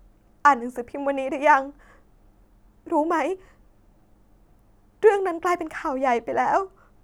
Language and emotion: Thai, sad